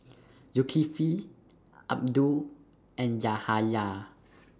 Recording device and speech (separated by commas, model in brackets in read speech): standing microphone (AKG C214), read sentence